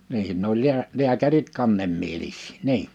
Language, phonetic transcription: Finnish, nihin ne ‿oĺ 'liä- , 'liäkärit 'kannemmielis̆sɪ̀ "nii(n) .
- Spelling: niin ne oli - lääkärit kannemielisiä niin

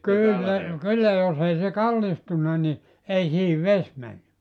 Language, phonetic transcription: Finnish, 'kyyl ne , 'kyllä jos ‿ei se "kallistunna ni , 'ei siihiv "ves männy .
- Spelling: kyllä ne kyllä jos ei se kallistunut niin ei siihen vesi mennyt

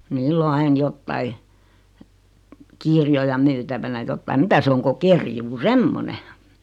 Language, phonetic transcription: Finnish, 'niill ‿o 'ain 'jottai , 'kirjoja 'myytävänä jottaim 'mitä se 'oŋ ko 'kerjuu "semmone .
- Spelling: niillä on aina jotakin kirjoja myytävänä jotakin mitä se on kuin kerjuu semmoinen

